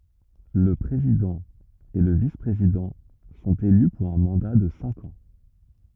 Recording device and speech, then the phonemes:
rigid in-ear microphone, read sentence
lə pʁezidɑ̃ e lə vispʁezidɑ̃ sɔ̃t ely puʁ œ̃ mɑ̃da də sɛ̃k ɑ̃

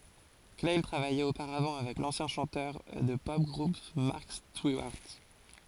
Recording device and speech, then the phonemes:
forehead accelerometer, read sentence
klaj tʁavajɛt opaʁavɑ̃ avɛk lɑ̃sjɛ̃ ʃɑ̃tœʁ də tə pɔp ɡʁup mɑʁk stiwaʁt

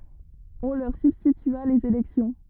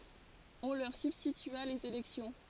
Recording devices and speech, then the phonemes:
rigid in-ear microphone, forehead accelerometer, read sentence
ɔ̃ lœʁ sybstitya lez elɛksjɔ̃

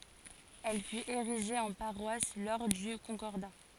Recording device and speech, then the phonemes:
forehead accelerometer, read sentence
ɛl fyt eʁiʒe ɑ̃ paʁwas lɔʁ dy kɔ̃kɔʁda

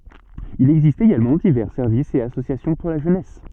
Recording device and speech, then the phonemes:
soft in-ear microphone, read sentence
il ɛɡzist eɡalmɑ̃ divɛʁ sɛʁvisz e asosjasjɔ̃ puʁ la ʒønɛs

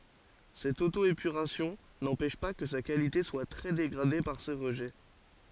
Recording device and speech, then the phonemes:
forehead accelerometer, read sentence
sɛt oto epyʁasjɔ̃ nɑ̃pɛʃ pa kə sa kalite swa tʁɛ deɡʁade paʁ se ʁəʒɛ

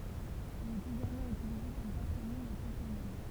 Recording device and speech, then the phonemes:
temple vibration pickup, read sentence
il ɛt eɡalmɑ̃ ytilize kɔm patʁonim e toponim

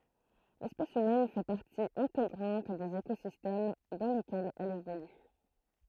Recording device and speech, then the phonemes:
throat microphone, read sentence
lɛspɛs ymɛn fɛ paʁti ɛ̃teɡʁɑ̃t dez ekozistɛm dɑ̃ lekɛlz ɛl evoly

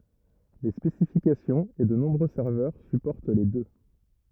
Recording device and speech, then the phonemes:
rigid in-ear microphone, read sentence
le spesifikasjɔ̃z e də nɔ̃bʁø sɛʁvœʁ sypɔʁt le dø

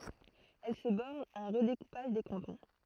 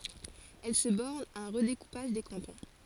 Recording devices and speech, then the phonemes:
throat microphone, forehead accelerometer, read sentence
ɛl sə bɔʁn a œ̃ ʁədekupaʒ de kɑ̃tɔ̃

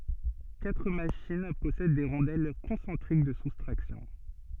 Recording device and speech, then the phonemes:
soft in-ear microphone, read sentence
katʁ maʃin pɔsɛd de ʁɔ̃dɛl kɔ̃sɑ̃tʁik də sustʁaksjɔ̃

